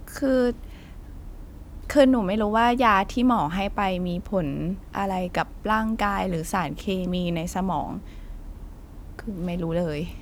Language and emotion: Thai, neutral